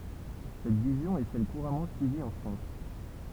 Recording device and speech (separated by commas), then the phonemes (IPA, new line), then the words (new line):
temple vibration pickup, read sentence
sɛt vizjɔ̃ ɛ sɛl kuʁamɑ̃ syivi ɑ̃ fʁɑ̃s
Cette vision est celle couramment suivie en France.